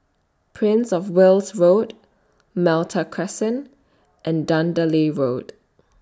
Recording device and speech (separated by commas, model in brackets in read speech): standing microphone (AKG C214), read sentence